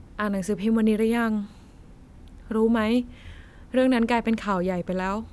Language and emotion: Thai, frustrated